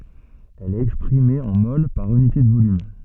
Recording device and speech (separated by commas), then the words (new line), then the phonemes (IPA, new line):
soft in-ear microphone, read sentence
Elle est exprimée en moles par unité de volume.
ɛl ɛt ɛkspʁime ɑ̃ mol paʁ ynite də volym